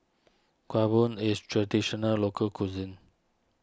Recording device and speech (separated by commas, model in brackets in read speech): standing microphone (AKG C214), read sentence